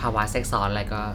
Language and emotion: Thai, neutral